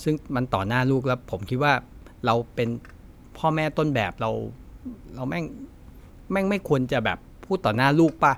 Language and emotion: Thai, frustrated